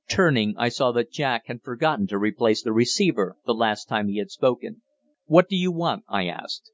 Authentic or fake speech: authentic